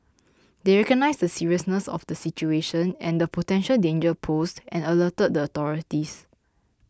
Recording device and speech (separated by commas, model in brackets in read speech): close-talking microphone (WH20), read sentence